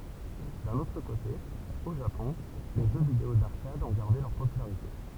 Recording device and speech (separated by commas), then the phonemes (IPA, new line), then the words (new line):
temple vibration pickup, read sentence
dœ̃n otʁ kote o ʒapɔ̃ le ʒø video daʁkad ɔ̃ ɡaʁde lœʁ popylaʁite
D'un autre côté, au Japon, les jeux vidéo d'arcade ont gardé leur popularité.